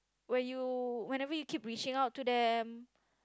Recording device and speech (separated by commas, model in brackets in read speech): close-talking microphone, conversation in the same room